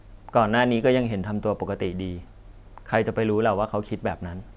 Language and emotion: Thai, neutral